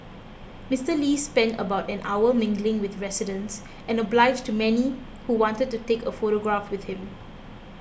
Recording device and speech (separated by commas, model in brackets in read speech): boundary microphone (BM630), read sentence